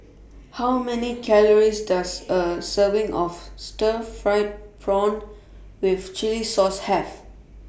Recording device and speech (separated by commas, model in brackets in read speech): boundary microphone (BM630), read sentence